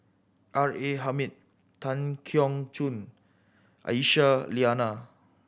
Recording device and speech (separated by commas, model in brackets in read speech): boundary microphone (BM630), read sentence